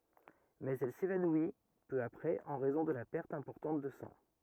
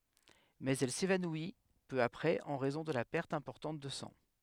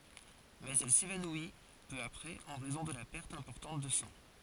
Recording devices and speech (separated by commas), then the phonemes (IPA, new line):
rigid in-ear microphone, headset microphone, forehead accelerometer, read sentence
mɛz ɛl sevanwi pø apʁɛz ɑ̃ ʁɛzɔ̃ də la pɛʁt ɛ̃pɔʁtɑ̃t də sɑ̃